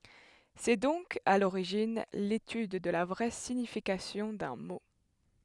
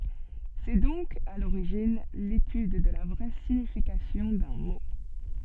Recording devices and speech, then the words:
headset microphone, soft in-ear microphone, read sentence
C'est donc, à l'origine, l'étude de la vraie signification d'un mot.

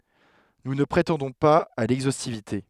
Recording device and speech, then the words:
headset microphone, read sentence
Nous ne prétendons pas à l'exhaustivité.

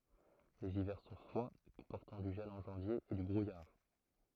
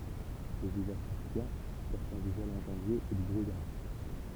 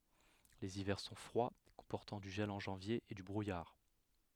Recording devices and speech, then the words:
throat microphone, temple vibration pickup, headset microphone, read sentence
Les hivers sont froids, comportant du gel en janvier et du brouillard.

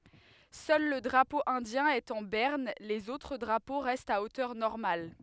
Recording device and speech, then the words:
headset microphone, read sentence
Seul le drapeau indien est en berne, les autres drapeaux restent à hauteur normale.

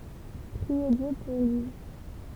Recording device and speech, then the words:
temple vibration pickup, read sentence
Priez Dieu pour lui.

